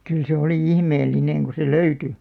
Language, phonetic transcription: Finnish, 'kyl se oli "ihmeellineŋ ku se "löyty .
- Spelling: kyllä se oli ihmeellinen kun se löytyi

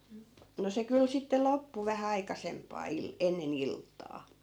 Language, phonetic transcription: Finnish, no 'se kyl sitte 'loppu vähä 'aikasemp̆paa 'il- , 'enne"n ‿ilttaa .
- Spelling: no se kyllä sitten loppui vähän aikaisempaan - ennen iltaa

